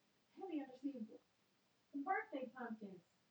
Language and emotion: English, surprised